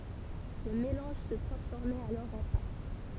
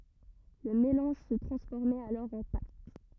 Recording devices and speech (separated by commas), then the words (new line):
temple vibration pickup, rigid in-ear microphone, read sentence
Le mélange se transformait alors en pâte.